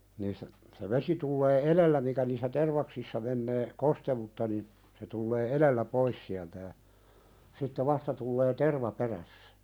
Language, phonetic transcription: Finnish, niistä , se "vesi tullee "elellä mikä niissä 'tervaksissa mennee , "kostewutta nin , se tullee "elellä 'pois siältä ja , sitte "vasta tullee "terva 'perässᴀ̈ .
- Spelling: niistä se vesi tulee edellä mikä niissä tervaksissa menee kosteutta niin se tulee edellä pois sieltä ja sitten vasta tulee terva perässä

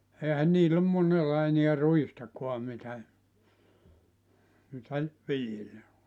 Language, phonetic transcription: Finnish, 'eehän 'niill ‿om 'monella eniä "ruistakua mitä , mitä , 'viljellä .
- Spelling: eihän niillä ole monella enää ruistakaan mitä mitä viljellä

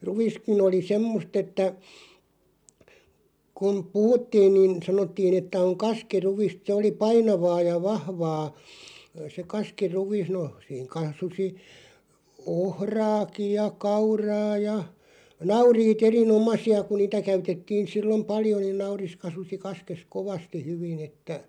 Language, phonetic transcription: Finnish, 'ruᵛiskin ‿oli "semmost ‿että , kun , 'puhuttiin niin , 'sanottiin ‿että oŋ "kaski'ruᵛist se oli "painavaa ja "vahvaa , se 'kaski"ruᵛis no , siiŋ 'kasusi , "ohraakiʲ ja "kauraa ja , "nauriit 'eri₍"nomasi₍a ku 'niitä käytettiin̬ 'sillom "paljo niin "nauris 'kasusi 'kaskes "kovasti 'hyvin ‿että ,.
- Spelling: ruiskin oli semmoista että kun puhuttiin niin sanottiin että on kaskiruista se oli painavaa ja vahvaa se kaskiruis no siinä kasvoi ohraakin ja kauraa ja nauriit erinomaisia kun niitä käytettiin silloin paljon niin nauris kasvoi kaskessa kovasti hyvin että

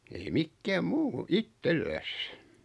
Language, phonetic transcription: Finnish, ei 'mikkääm 'muu , "ittelläs .
- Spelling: ei mikään muu itsellään

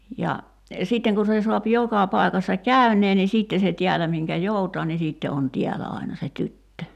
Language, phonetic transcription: Finnish, ja , 'sìtteŋ ku se suap 'joka 'pai̬kassa "käyǹee ni 'siitte se 'tiälä miŋkä "joutaa ni 'siitte on "tiälä àina se "tyttö .
- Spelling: ja sitten kun se saa joka paikassa käyneen niin sitten se täällä minkä joutaa niin sitten on täällä aina se tyttö

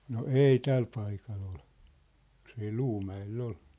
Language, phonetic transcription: Finnish, no "èi 'täl paikal ‿ol , jos ‿ei "ʟuumä₍el'l ‿ol .
- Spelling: no ei tällä paikalla oli jos ei Luumäellä oli

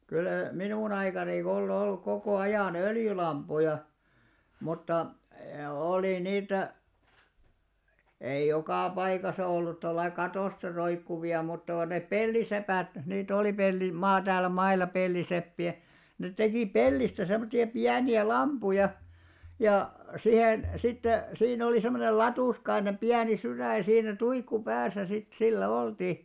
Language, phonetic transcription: Finnish, kyllä 'minùn ‿aikani on 'olluk kokò 'ajà"n ‿öljylamp̆puja , mutta , olì 'niitä , eij 'jokà paikasa ollut 'tollai "katòsta 'roikkuvi₍a mutta ko ne "pellisepä̀t , 'niit ‿olì 'pelli- maa- 'täälä 'maila 'pelliseppi₍ä , ne 'tekì "pellistä sem̆motti₍a 'piäni₍ä "lampuja , ja , 'sihèn , sitte , siin ‿olì 'semmonel "latùskainem 'piäni 'syrä̀j ja siinä "tuikku 'pääsä sit , 'sillä "olti ,.
- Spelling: kyllä minun aikani on ollut koko ajan öljylamppuja mutta oli niitä ei joka paikassa ollut tuolla lailla katosta roikkuvia mutta kun ne peltisepät niitä oli - - täällä mailla peltiseppiä ne teki pellistä semmoisia pieniä lamppuja ja siihen sitten siinä oli semmoinen latuskainen pieni sydän ja siinä tuikku päässä sitten sillä oltiin

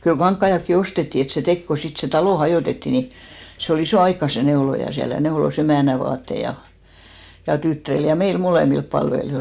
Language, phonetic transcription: Finnish, kyl "kaŋkkaiʲakki 'ostetti et se 'tek ko 'sit se "talò 'hajòtetti ni , se o"l ‿isò aikka se 'neoloja 'siäl ja 'neolos 'emä̀nä vaattei ja , ja 'tyttᵃ̈ril ja 'meil 'molèmilp palvelijoil .
- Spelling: kyllä kankaitakin ostettiin että se teki kun sitten se talo hajotettiin niin se oli ison aikaa se neuloja siellä ja neuloi emännän vaatteita ja ja tyttärille ja meille molemmille palvelijoille

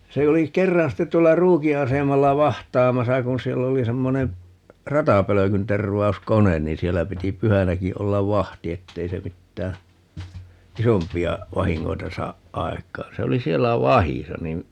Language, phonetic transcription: Finnish, 'se oli "kerran ste tuolla "Ruuki 'asemalla "vaht̀aamasa kun̬ 'siell ‿oli 'semmone , "ratapölökynterv̀au̬s"konen niin 'siellä 'piti "pyhänäki 'ollav "vahti 'ettei se 'mittää , "isompi₍a 'vahiŋŋoita 'saaʼ "ʼaek̀aan̬ - 'se oli "siellä 'vahisa nin , .
- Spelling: se oli kerran sitten tuolla Ruukin asemalla vahtaamassa kun siellä oli semmoinen ratapölkyntervauskone niin siellä piti pyhänäkin olla vahti että ei se mitään isompia vahinkoja saa aikaan se oli siellä vahdissa niin

